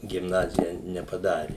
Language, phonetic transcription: Lithuanian, gimˈnazija nepaˈdari

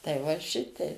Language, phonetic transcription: Lithuanian, tai va ˈšitei

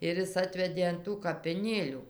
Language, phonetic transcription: Lithuanian, ir ˈjis ˈatvedė an ˈtų kapiˈnėlių

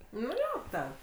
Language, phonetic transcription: Lithuanian, nu ˈjo ten

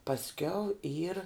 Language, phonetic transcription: Lithuanian, pasˈkiau yr

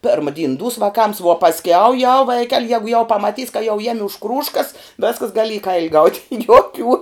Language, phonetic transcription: Lithuanian, ˈperma dyn dūs vaˈkams vuo pasˈkiau jau ˈvaikel' jegu jau pamaˈtys ka jau ˈjemi už ˈkrūžkas ˈveskas ˈgali į ˈkaili gaut' juoˈkių

